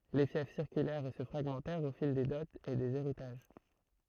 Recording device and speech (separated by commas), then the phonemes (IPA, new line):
throat microphone, read sentence
le fjɛf siʁkylɛʁt e sə fʁaɡmɑ̃tɛʁt o fil de dɔtz e dez eʁitaʒ